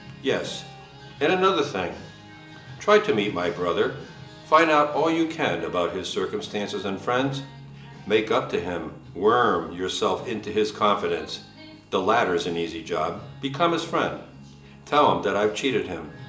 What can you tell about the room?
A large space.